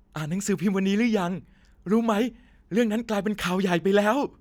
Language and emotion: Thai, happy